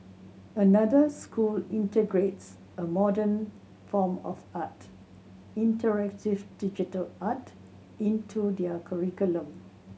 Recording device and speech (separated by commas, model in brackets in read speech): mobile phone (Samsung C7100), read sentence